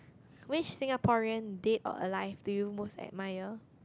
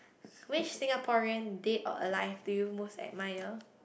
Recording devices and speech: close-talking microphone, boundary microphone, conversation in the same room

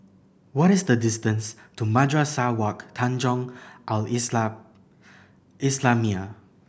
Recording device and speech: boundary microphone (BM630), read sentence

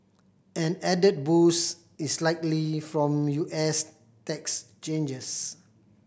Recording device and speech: boundary microphone (BM630), read sentence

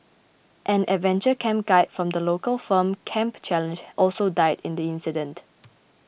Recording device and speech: boundary microphone (BM630), read sentence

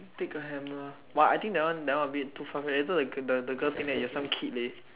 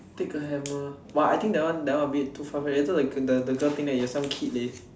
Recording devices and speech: telephone, standing microphone, conversation in separate rooms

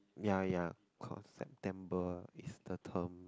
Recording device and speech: close-talking microphone, conversation in the same room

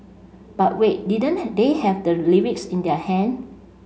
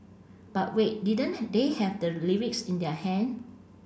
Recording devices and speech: mobile phone (Samsung C5), boundary microphone (BM630), read sentence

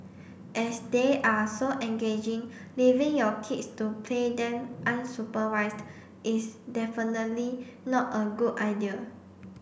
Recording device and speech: boundary microphone (BM630), read sentence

